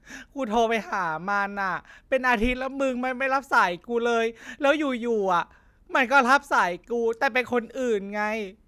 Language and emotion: Thai, sad